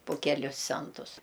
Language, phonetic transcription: Lithuanian, pu ˈkelius ˈcentus

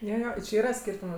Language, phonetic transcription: Lithuanian, ˈjo ˈjo či ˈyra ˈskyrtumu

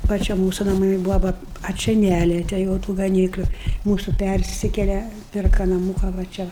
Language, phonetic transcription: Lithuanian, va ˈčia ˈmūsu naˈmai ˈbuvo ˈva a ˈčia ˈnæliete jau ˈtų gaˈnykliu ˈmūsu ˈpærsikele ˈpirka naˈmūka va ˈčia

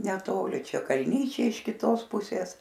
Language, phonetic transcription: Lithuanian, neˈtoli ˈčia kalˈnyčiai iš kiˈtos ˈpusės

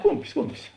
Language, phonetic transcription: Lithuanian, ˈkumpis ˈkumpis

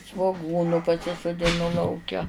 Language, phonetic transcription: Lithuanian, svoˈgūnu pasisudiˈnu lauˈke

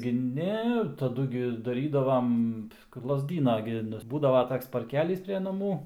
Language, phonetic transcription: Lithuanian, gi ˈne taˈdu gi daˈrydavam lazˈdyna gi ˈnu ˈbūdavo ˈtoks parˈkelys pre naˈmų

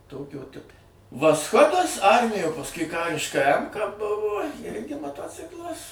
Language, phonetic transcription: Lithuanian, ˈtokio ˈtipo vasˈchodas ˈarmijo pasˈkui ˈkariška ˈemka ˈbuvo ˈirgi maˈtociklas

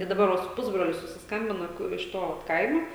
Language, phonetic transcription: Lithuanian, i daˈbar va su ˈpusbroliu susisˈkambina ˈku iš ˈto vat ˈkaimo

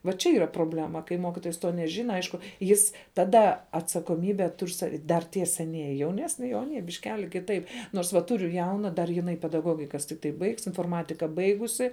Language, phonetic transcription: Lithuanian, vaˈ čia ˈyra proˈblema kai ˈmokitojas to neˈžina ˈaišku ˈjis taˈda atsakoˈmybe ˈtur' sa dar ˈtie seˈnieji jauˈnesni ˈjau aˈnie bišˈkeli kiˈtaip ˈnors va ˈturiu ˈjauna dar jiˈnai pedaˈgogikas tikˈtai baigs inforˈmatika ˈbaigusi

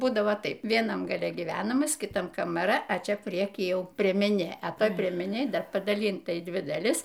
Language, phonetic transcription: Lithuanian, ˈbūdavo ˈtaip vieˈnam gaˈle gyˈvenamas kiˈtam kamaˈra a ˈčia ˈprieky ˈjau priemeˈnė a ˈtoj priemeˈnėj ˈdar padaˈlynta į ˈdvi daˈlis

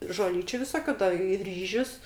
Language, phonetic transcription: Lithuanian, žoˈlyčiu viˈsokiu da i ˈryžius

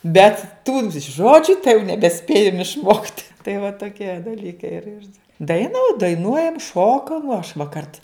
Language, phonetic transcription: Lithuanian, bet ˈtų ˈžodžiu tai jau nebeˈspėjam išˈmokt' tai va toˈkie daˈlykai ir ir ˈdaina daiˈnuojam ˈšokam aš va ˈkart

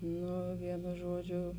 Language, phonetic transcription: Lithuanian, ˈnu ˈvienu ˈžuoˌdžiu

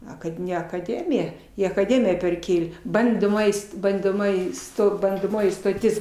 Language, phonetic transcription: Lithuanian, ˈa kad ˈne akaˈdemija i akaˈdemija perˈkėlė ˈbandomoji st bandoˈmoji sto bandoˈmoji stoˈtis

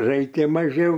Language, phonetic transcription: Lithuanian, ˈraikia maˈžiau

